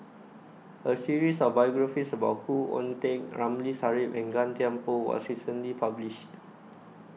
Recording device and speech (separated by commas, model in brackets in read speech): mobile phone (iPhone 6), read sentence